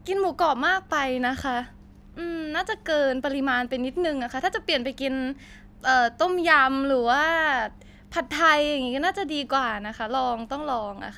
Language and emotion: Thai, happy